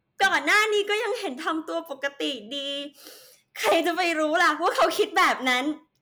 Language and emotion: Thai, sad